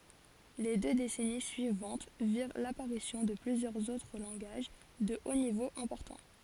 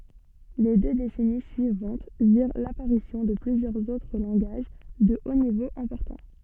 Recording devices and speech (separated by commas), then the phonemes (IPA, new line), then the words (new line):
forehead accelerometer, soft in-ear microphone, read sentence
le dø desɛni syivɑ̃t viʁ lapaʁisjɔ̃ də plyzjœʁz otʁ lɑ̃ɡaʒ də o nivo ɛ̃pɔʁtɑ̃
Les deux décennies suivantes virent l'apparition de plusieurs autres langages de haut niveau importants.